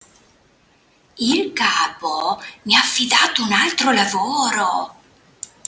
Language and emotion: Italian, surprised